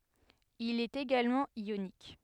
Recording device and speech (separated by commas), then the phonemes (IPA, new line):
headset microphone, read sentence
il ɛt eɡalmɑ̃ jonik